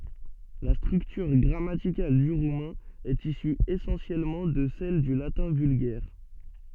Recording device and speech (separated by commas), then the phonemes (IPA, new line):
soft in-ear microphone, read sentence
la stʁyktyʁ ɡʁamatikal dy ʁumɛ̃ ɛt isy esɑ̃sjɛlmɑ̃ də sɛl dy latɛ̃ vylɡɛʁ